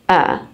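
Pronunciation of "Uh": This is the schwa sound: a lazy, unstressed uh sound, not an ah.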